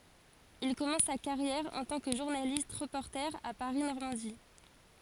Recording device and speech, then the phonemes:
forehead accelerometer, read sentence
il kɔmɑ̃s sa kaʁjɛʁ ɑ̃ tɑ̃ kə ʒuʁnalist ʁəpɔʁte a paʁi nɔʁmɑ̃di

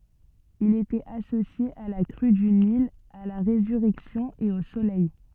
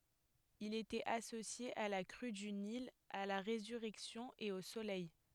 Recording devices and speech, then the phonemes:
soft in-ear microphone, headset microphone, read sentence
il etɛt asosje a la kʁy dy nil a la ʁezyʁɛksjɔ̃ e o solɛj

